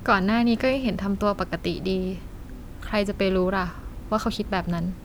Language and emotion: Thai, neutral